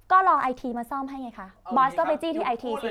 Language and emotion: Thai, frustrated